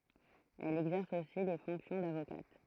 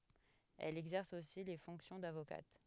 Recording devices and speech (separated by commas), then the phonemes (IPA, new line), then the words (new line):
throat microphone, headset microphone, read sentence
ɛl ɛɡzɛʁs osi le fɔ̃ksjɔ̃ davokat
Elle exerce aussi les fonctions d'avocate.